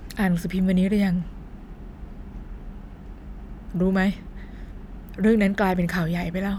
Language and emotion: Thai, sad